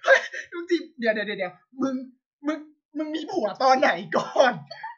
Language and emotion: Thai, happy